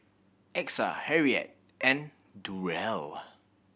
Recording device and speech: boundary microphone (BM630), read sentence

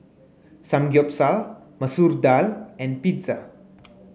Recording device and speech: mobile phone (Samsung C9), read sentence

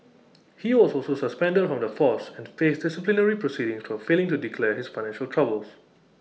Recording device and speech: mobile phone (iPhone 6), read sentence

